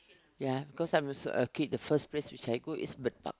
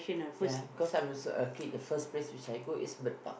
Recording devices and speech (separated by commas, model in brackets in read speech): close-talking microphone, boundary microphone, conversation in the same room